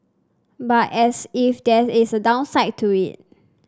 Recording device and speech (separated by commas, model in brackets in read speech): standing microphone (AKG C214), read sentence